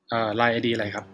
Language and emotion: Thai, neutral